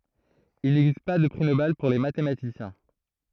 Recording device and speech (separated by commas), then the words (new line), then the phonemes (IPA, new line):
throat microphone, read sentence
Il n'existe pas de prix Nobel pour les mathématiciens.
il nɛɡzist pa də pʁi nobɛl puʁ le matematisjɛ̃